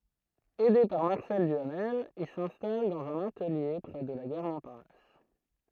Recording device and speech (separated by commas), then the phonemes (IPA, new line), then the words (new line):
throat microphone, read sentence
ɛde paʁ maʁsɛl dyamɛl il sɛ̃stal dɑ̃z œ̃n atəlje pʁɛ də la ɡaʁ mɔ̃paʁnas
Aidé par Marcel Duhamel, il s'installe dans un atelier près de la gare Montparnasse.